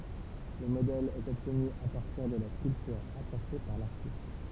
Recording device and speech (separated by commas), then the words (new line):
temple vibration pickup, read sentence
Le modèle est obtenu à partir de la sculpture apportée par l'artiste.